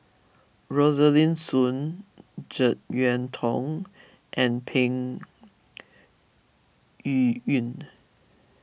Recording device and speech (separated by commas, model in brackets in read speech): boundary microphone (BM630), read sentence